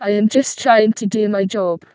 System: VC, vocoder